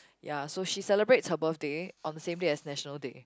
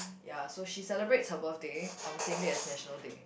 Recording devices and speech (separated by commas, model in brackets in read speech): close-talking microphone, boundary microphone, conversation in the same room